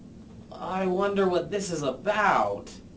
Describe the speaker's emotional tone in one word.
fearful